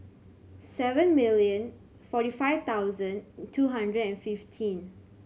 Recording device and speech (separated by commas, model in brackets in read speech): mobile phone (Samsung C7100), read sentence